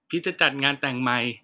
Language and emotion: Thai, sad